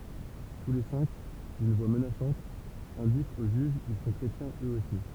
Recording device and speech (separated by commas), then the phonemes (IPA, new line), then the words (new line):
temple vibration pickup, read sentence
tu le sɛ̃k dyn vwa mənasɑ̃t ɛ̃dikt o ʒyʒ kil sɔ̃ kʁetjɛ̃z øz osi
Tous les cinq, d'une voix menaçante, indiquent au juge qu'ils sont chrétiens eux aussi.